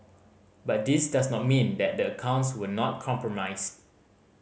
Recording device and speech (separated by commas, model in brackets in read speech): mobile phone (Samsung C5010), read sentence